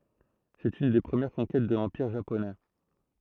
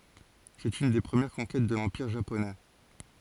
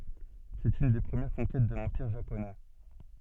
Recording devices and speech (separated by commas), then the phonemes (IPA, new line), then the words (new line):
throat microphone, forehead accelerometer, soft in-ear microphone, read sentence
sɛt yn de pʁəmjɛʁ kɔ̃kɛt də lɑ̃piʁ ʒaponɛ
C'est une des premières conquêtes de l'Empire Japonais.